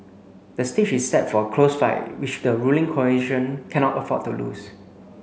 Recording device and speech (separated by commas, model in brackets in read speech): mobile phone (Samsung C9), read sentence